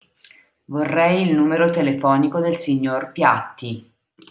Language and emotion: Italian, neutral